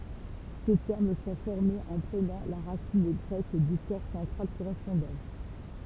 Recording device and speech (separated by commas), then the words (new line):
temple vibration pickup, read sentence
Ces termes sont formés en prenant la racine grecque du corps central correspondant.